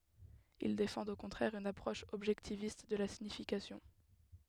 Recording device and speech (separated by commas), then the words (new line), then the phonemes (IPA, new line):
headset microphone, read sentence
Ils défendent au contraire une approche objectiviste de la signification.
il defɑ̃dt o kɔ̃tʁɛʁ yn apʁɔʃ ɔbʒɛktivist də la siɲifikasjɔ̃